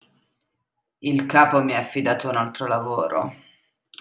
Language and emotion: Italian, disgusted